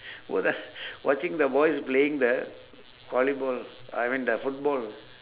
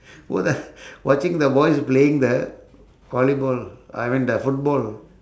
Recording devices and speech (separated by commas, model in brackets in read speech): telephone, standing microphone, conversation in separate rooms